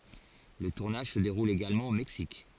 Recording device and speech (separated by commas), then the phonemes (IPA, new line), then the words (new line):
forehead accelerometer, read sentence
lə tuʁnaʒ sə deʁul eɡalmɑ̃ o mɛksik
Le tournage se déroule également au Mexique.